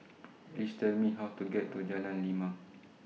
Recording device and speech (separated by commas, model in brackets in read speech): mobile phone (iPhone 6), read sentence